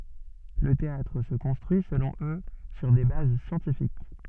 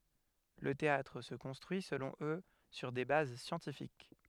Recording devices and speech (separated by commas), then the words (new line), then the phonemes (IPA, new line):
soft in-ear microphone, headset microphone, read sentence
Le théâtre se construit, selon eux, sur des bases scientifiques.
lə teatʁ sə kɔ̃stʁyi səlɔ̃ ø syʁ de baz sjɑ̃tifik